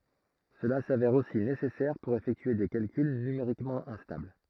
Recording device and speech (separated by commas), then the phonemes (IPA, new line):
throat microphone, read sentence
səla savɛʁ osi nesɛsɛʁ puʁ efɛktye de kalkyl nymeʁikmɑ̃ ɛ̃stabl